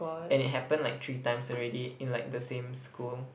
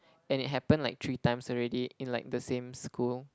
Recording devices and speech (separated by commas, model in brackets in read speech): boundary microphone, close-talking microphone, conversation in the same room